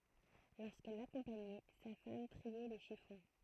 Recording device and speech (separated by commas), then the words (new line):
throat microphone, read sentence
Lorsqu’elle l’accompagnait, sa femme triait les chiffons.